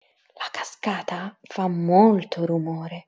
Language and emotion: Italian, surprised